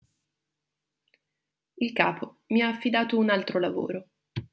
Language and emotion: Italian, neutral